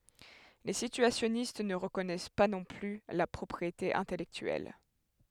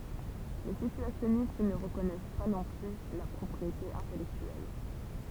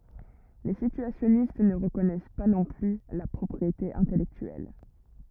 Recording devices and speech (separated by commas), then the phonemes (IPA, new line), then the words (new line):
headset microphone, temple vibration pickup, rigid in-ear microphone, read sentence
le sityasjɔnist nə ʁəkɔnɛs pa nɔ̃ ply la pʁɔpʁiete ɛ̃tɛlɛktyɛl
Les situationnistes ne reconnaissent pas non plus la propriété intellectuelle.